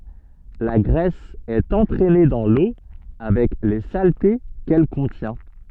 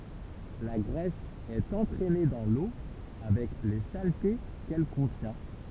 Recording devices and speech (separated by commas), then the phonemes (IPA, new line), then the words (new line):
soft in-ear microphone, temple vibration pickup, read sentence
la ɡʁɛs ɛt ɑ̃tʁɛne dɑ̃ lo avɛk le salte kɛl kɔ̃tjɛ̃
La graisse est entraînée dans l'eau avec les saletés qu'elle contient.